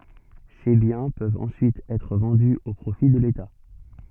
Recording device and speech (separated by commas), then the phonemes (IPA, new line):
soft in-ear microphone, read sentence
se bjɛ̃ pøvt ɑ̃syit ɛtʁ vɑ̃dy o pʁofi də leta